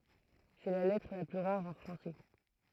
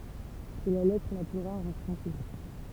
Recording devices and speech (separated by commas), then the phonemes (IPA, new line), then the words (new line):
throat microphone, temple vibration pickup, read sentence
sɛ la lɛtʁ la ply ʁaʁ ɑ̃ fʁɑ̃sɛ
C'est la lettre la plus rare en français.